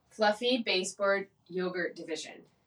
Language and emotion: English, neutral